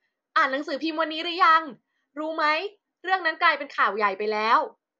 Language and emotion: Thai, happy